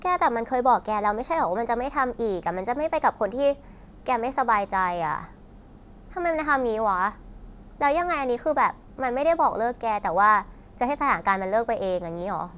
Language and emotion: Thai, frustrated